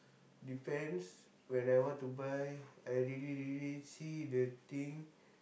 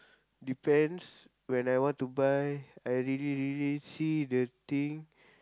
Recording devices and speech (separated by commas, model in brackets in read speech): boundary microphone, close-talking microphone, conversation in the same room